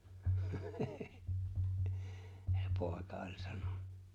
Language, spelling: Finnish, se poika oli sanonut
- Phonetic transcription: (Sᴇ) 'pòeka oĺ 'saɴᴏ(ɴᴀ) .

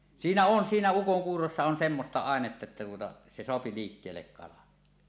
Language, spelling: Finnish, siinä on siinä ukonkuurossa on semmoista ainetta että tuota se saa liikkeelle kalan
- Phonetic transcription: siinä 'on 'siinä 'ukoŋkuurossa on semmosta "àenetta että tuota , 'se soapi 'liikkeellek kalan .

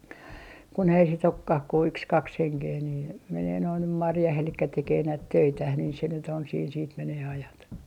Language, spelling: Finnish, kun ei sitten olekaan kuin yksi kaksi henkeä niin menee nuo nyt marjaan eli tekee näitä töitään niin se nyt on siinä sitten menee ajat
- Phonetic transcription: kun ‿ei sit ‿okkah ku 'yks 'kaks 'heŋkee nii , 'menee noi nym "marjah elikkä 'tekee näit "töitäh nii se nyt ‿on siin siit menee ajat .

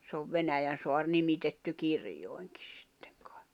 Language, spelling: Finnish, se on Venäjänsaari nimitetty kirjoihinkin sitten kai
- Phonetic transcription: se ov 'Venäjän̬soar "nimitetty 'kirjoi̬ŋkɪ sɪttᴇŋ kᴀ̀ɪ̬ .

